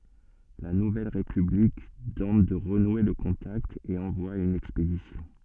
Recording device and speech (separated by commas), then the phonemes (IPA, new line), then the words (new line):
soft in-ear microphone, read sentence
la nuvɛl ʁepyblik tɑ̃t də ʁənwe lə kɔ̃takt e ɑ̃vwa yn ɛkspedisjɔ̃
La nouvelle république tente de renouer le contact et envoie une expédition.